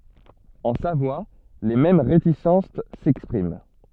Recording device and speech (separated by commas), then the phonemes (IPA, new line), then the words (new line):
soft in-ear microphone, read sentence
ɑ̃ savwa le mɛm ʁetisɑ̃s sɛkspʁim
En Savoie, les mêmes réticences s'expriment.